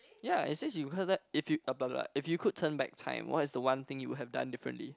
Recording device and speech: close-talking microphone, conversation in the same room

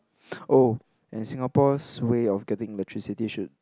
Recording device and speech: close-talking microphone, conversation in the same room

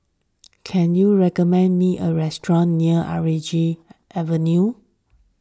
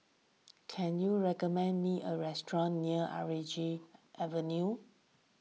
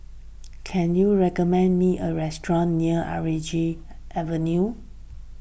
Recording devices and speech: standing microphone (AKG C214), mobile phone (iPhone 6), boundary microphone (BM630), read sentence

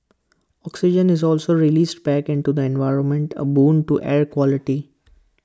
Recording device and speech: close-talking microphone (WH20), read sentence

